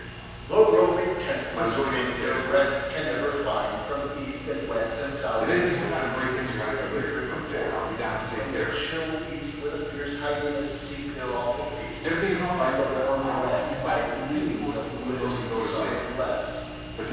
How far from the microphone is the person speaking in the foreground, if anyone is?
7.1 m.